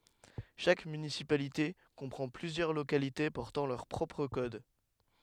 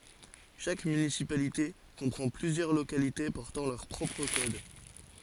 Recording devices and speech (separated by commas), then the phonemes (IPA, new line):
headset microphone, forehead accelerometer, read sentence
ʃak mynisipalite kɔ̃pʁɑ̃ plyzjœʁ lokalite pɔʁtɑ̃ lœʁ pʁɔpʁ kɔd